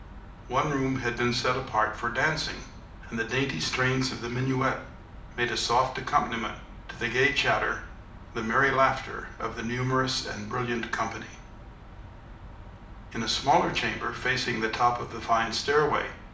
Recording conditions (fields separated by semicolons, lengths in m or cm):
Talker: one person; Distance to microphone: 2.0 m; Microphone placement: close; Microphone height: 99 cm; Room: medium-sized (5.7 m by 4.0 m); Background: none